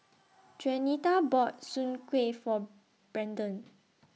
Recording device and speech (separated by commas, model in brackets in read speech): mobile phone (iPhone 6), read sentence